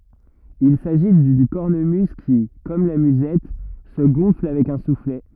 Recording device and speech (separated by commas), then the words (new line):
rigid in-ear microphone, read sentence
Il s’agit d’une cornemuse qui, comme la musette, se gonfle avec un soufflet.